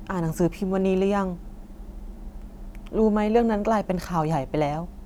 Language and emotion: Thai, frustrated